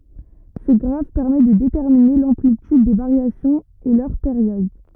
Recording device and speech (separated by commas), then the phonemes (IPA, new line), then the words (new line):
rigid in-ear microphone, read sentence
sə ɡʁaf pɛʁmɛ də detɛʁmine lɑ̃plityd de vaʁjasjɔ̃z e lœʁ peʁjɔd
Ce graphe permet de déterminer l'amplitude des variations et leur période.